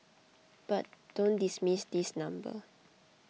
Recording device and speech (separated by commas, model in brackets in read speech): mobile phone (iPhone 6), read sentence